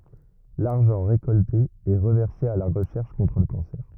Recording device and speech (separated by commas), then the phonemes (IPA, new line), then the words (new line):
rigid in-ear microphone, read sentence
laʁʒɑ̃ ʁekɔlte ɛ ʁəvɛʁse a la ʁəʃɛʁʃ kɔ̃tʁ lə kɑ̃sɛʁ
L'argent récolté est reversé à la recherche contre le cancer.